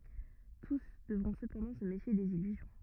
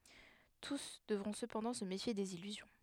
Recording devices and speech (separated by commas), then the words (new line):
rigid in-ear microphone, headset microphone, read sentence
Tous devront cependant se méfier des illusions.